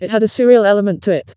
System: TTS, vocoder